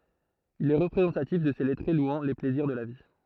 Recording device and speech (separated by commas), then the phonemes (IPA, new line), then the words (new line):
throat microphone, read sentence
il ɛ ʁəpʁezɑ̃tatif də se lɛtʁe lwɑ̃ le plɛziʁ də la vi
Il est représentatif de ces lettrés louant les plaisirs de la vie.